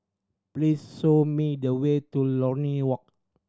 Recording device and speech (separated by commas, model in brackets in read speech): standing microphone (AKG C214), read sentence